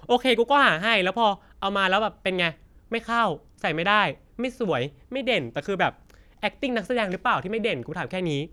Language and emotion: Thai, angry